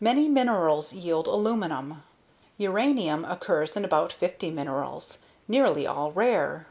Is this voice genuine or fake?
genuine